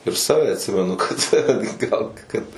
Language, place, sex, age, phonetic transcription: Lithuanian, Suvalkija, male, 18-60, ir ˈsave atˈsimenu kad gal kad

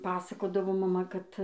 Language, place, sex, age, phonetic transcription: Lithuanian, Dzūkija, female, 18-60, ˈpasakodavo maˈma kad

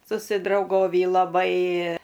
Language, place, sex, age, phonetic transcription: Lithuanian, Aukštaitija, female, 60+, susidrauˈgovį laˈbai

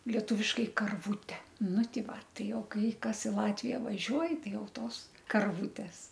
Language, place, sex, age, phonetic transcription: Lithuanian, Aukštaitija, female, 60+, lieˈtūviškai karˈvūte ˈnu ˈti ˈva ˈtai ˈjau ˈkai ˈkas i ˈlatvija vaˈžiuoj ˈtai ˈjau ˈtos karˈvūtes

